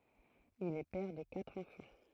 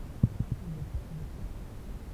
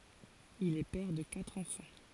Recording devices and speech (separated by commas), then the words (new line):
throat microphone, temple vibration pickup, forehead accelerometer, read sentence
Il est père de quatre enfants.